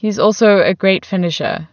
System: none